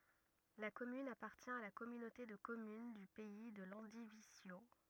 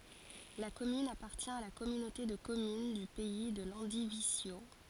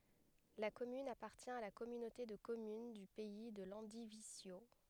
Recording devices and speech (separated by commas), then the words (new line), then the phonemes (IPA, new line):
rigid in-ear microphone, forehead accelerometer, headset microphone, read sentence
La commune appartient à la Communauté de communes du Pays de Landivisiau.
la kɔmyn apaʁtjɛ̃ a la kɔmynote də kɔmyn dy pɛi də lɑ̃divizjo